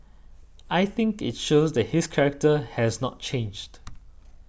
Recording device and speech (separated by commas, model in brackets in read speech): boundary microphone (BM630), read sentence